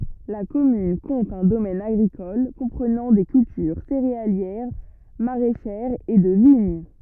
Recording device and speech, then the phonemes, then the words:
rigid in-ear microphone, read sentence
la kɔmyn kɔ̃t œ̃ domɛn aɡʁikɔl kɔ̃pʁənɑ̃ de kyltyʁ seʁealjɛʁ maʁɛʃɛʁz e də viɲ
La commune compte un domaine agricole comprenant des cultures céréalières, maraîchères et de vignes.

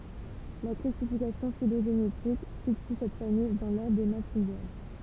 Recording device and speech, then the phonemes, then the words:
temple vibration pickup, read sentence
la klasifikasjɔ̃ filoʒenetik sity sɛt famij dɑ̃ lɔʁdʁ de malpiɡjal
La classification phylogénétique situe cette famille dans l'ordre des Malpighiales.

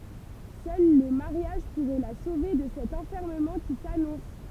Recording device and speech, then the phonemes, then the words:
temple vibration pickup, read sentence
sœl lə maʁjaʒ puʁɛ la sove də sɛt ɑ̃fɛʁməmɑ̃ ki sanɔ̃s
Seul le mariage pourrait la sauver de cet enfermement qui s’annonce.

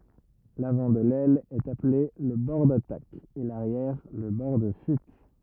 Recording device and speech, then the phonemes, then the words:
rigid in-ear microphone, read sentence
lavɑ̃ də lɛl ɛt aple lə bɔʁ datak e laʁjɛʁ lə bɔʁ də fyit
L'avant de l'aile est appelé le bord d'attaque et l'arrière le bord de fuite.

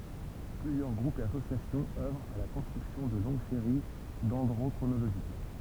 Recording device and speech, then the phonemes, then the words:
temple vibration pickup, read sentence
plyzjœʁ ɡʁupz e asosjasjɔ̃z œvʁt a la kɔ̃stʁyksjɔ̃ də lɔ̃ɡ seʁi dɛ̃dʁokʁonoloʒik
Plusieurs groupes et associations œuvrent à la construction de longues séries dendrochronologiques.

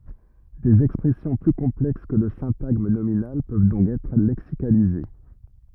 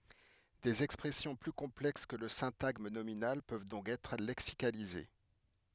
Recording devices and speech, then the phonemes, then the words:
rigid in-ear microphone, headset microphone, read sentence
dez ɛkspʁɛsjɔ̃ ply kɔ̃plɛks kə lə sɛ̃taɡm nominal pøv dɔ̃k ɛtʁ lɛksikalize
Des expressions plus complexes que le syntagme nominal peuvent donc être lexicalisées.

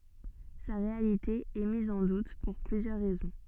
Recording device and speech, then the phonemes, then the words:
soft in-ear microphone, read sentence
sa ʁealite ɛ miz ɑ̃ dut puʁ plyzjœʁ ʁɛzɔ̃
Sa réalité est mise en doute pour plusieurs raisons.

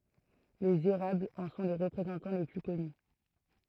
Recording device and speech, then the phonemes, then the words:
throat microphone, read sentence
lez eʁablz ɑ̃ sɔ̃ le ʁəpʁezɑ̃tɑ̃ le ply kɔny
Les érables en sont les représentants les plus connus.

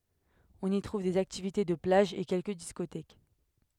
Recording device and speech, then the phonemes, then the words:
headset microphone, read sentence
ɔ̃n i tʁuv dez aktivite də plaʒ e kɛlkə diskotɛk
On y trouve des activités de plage et quelques discothèques.

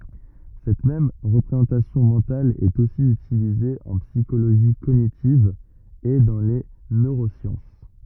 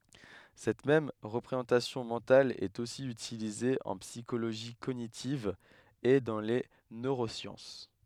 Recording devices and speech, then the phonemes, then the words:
rigid in-ear microphone, headset microphone, read sentence
sɛt mɛm ʁəpʁezɑ̃tasjɔ̃ mɑ̃tal ɛt osi ytilize ɑ̃ psikoloʒi koɲitiv e dɑ̃ le nøʁosjɑ̃s
Cette même représentation mentale est aussi utilisée en psychologie cognitive et dans les neurosciences.

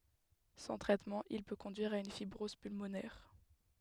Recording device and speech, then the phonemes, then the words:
headset microphone, read sentence
sɑ̃ tʁɛtmɑ̃ il pø kɔ̃dyiʁ a yn fibʁɔz pylmonɛʁ
Sans traitement il peut conduire à une fibrose pulmonaire.

